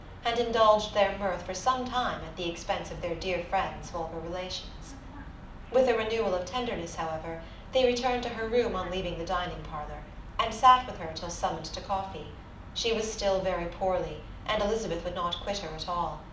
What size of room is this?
A medium-sized room (about 5.7 m by 4.0 m).